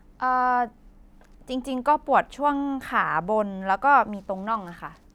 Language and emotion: Thai, neutral